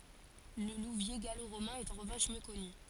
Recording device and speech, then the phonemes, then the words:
forehead accelerometer, read sentence
lə luvje ɡaloʁomɛ̃ ɛt ɑ̃ ʁəvɑ̃ʃ mjø kɔny
Le Louviers gallo-romain est en revanche mieux connu.

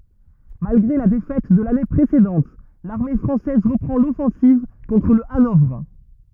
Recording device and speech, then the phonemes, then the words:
rigid in-ear microphone, read sentence
malɡʁe la defɛt də lane pʁesedɑ̃t laʁme fʁɑ̃sɛz ʁəpʁɑ̃ lɔfɑ̃siv kɔ̃tʁ lə anɔvʁ
Malgré la défaite de l’année précédente, l’armée française reprend l’offensive contre le Hanovre.

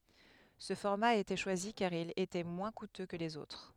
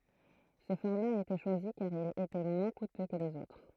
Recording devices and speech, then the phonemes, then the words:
headset microphone, throat microphone, read sentence
sə fɔʁma a ete ʃwazi kaʁ il etɛ mwɛ̃ kutø kə lez otʁ
Ce format a été choisi car il était moins coûteux que les autres.

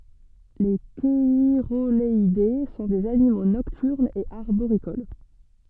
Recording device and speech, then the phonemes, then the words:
soft in-ear microphone, read sentence
le ʃɛʁoɡalɛde sɔ̃ dez animo nɔktyʁnz e aʁboʁikol
Les cheirogaleidés sont des animaux nocturnes et arboricoles.

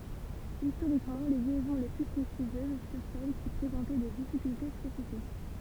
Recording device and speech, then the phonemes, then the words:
temple vibration pickup, read sentence
istoʁikmɑ̃ le ljɛzɔ̃ le ply pʁɛstiʒjøz fyʁ sɛl ki pʁezɑ̃tɛ de difikylte spesifik
Historiquement, les liaisons les plus prestigieuses furent celles qui présentaient des difficultés spécifiques.

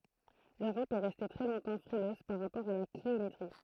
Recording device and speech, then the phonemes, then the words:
throat microphone, read sentence
løʁɔp ɛ ʁɛste tʁɛ lɔ̃tɑ̃ fʁiløz paʁ ʁapɔʁ a la kliometʁi
L’Europe est restée très longtemps frileuse par rapport à la cliométrie.

